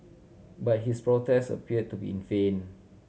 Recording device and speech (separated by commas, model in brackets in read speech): mobile phone (Samsung C7100), read sentence